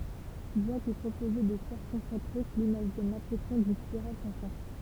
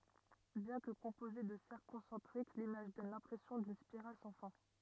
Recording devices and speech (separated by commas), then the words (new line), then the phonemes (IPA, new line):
temple vibration pickup, rigid in-ear microphone, read sentence
Bien que composée de cercles concentriques, l'image donne l'impression d'une spirale sans fin.
bjɛ̃ kə kɔ̃poze də sɛʁkl kɔ̃sɑ̃tʁik limaʒ dɔn lɛ̃pʁɛsjɔ̃ dyn spiʁal sɑ̃ fɛ̃